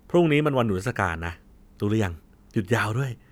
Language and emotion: Thai, happy